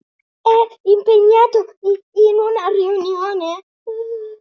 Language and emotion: Italian, fearful